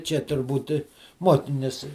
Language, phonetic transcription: Lithuanian, čia turˈbūt ˈmuokinius

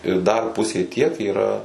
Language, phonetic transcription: Lithuanian, ir ˈdar ˈpusė tiek yˈra

